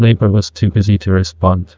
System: TTS, neural waveform model